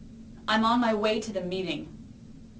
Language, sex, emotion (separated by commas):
English, female, neutral